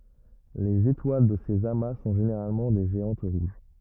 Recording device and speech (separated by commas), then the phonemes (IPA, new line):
rigid in-ear microphone, read sentence
lez etwal də sez ama sɔ̃ ʒeneʁalmɑ̃ de ʒeɑ̃t ʁuʒ